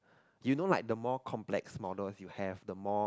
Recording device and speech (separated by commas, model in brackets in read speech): close-talking microphone, conversation in the same room